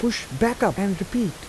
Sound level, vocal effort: 83 dB SPL, soft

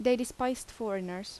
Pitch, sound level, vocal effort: 245 Hz, 82 dB SPL, normal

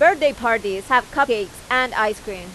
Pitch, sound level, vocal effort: 250 Hz, 97 dB SPL, very loud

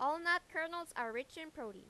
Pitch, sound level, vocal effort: 315 Hz, 94 dB SPL, loud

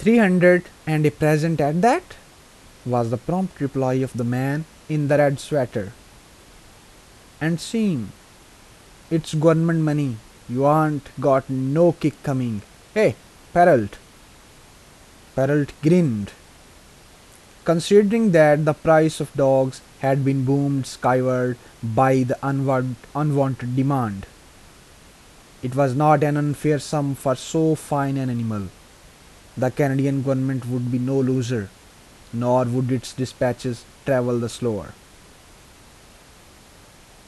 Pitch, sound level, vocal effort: 135 Hz, 82 dB SPL, normal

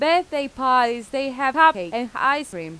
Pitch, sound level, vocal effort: 270 Hz, 95 dB SPL, loud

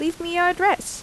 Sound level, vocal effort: 85 dB SPL, normal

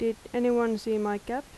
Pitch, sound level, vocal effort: 230 Hz, 84 dB SPL, soft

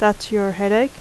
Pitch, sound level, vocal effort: 210 Hz, 81 dB SPL, normal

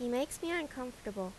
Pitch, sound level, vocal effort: 250 Hz, 83 dB SPL, normal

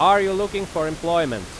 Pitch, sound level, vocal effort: 170 Hz, 96 dB SPL, very loud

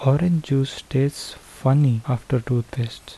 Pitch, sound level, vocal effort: 135 Hz, 74 dB SPL, soft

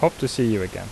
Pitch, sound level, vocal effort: 125 Hz, 82 dB SPL, normal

